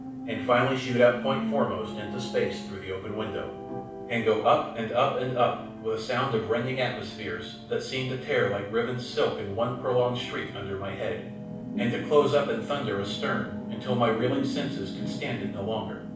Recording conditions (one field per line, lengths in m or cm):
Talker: one person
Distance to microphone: 5.8 m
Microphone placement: far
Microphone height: 1.8 m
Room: medium-sized (5.7 m by 4.0 m)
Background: television